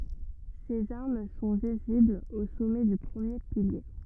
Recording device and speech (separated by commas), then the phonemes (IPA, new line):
rigid in-ear microphone, read sentence
sez aʁm sɔ̃ viziblz o sɔmɛ dy pʁəmje pilje